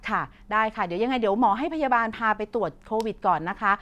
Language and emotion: Thai, neutral